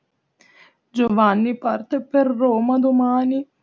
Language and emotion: Italian, sad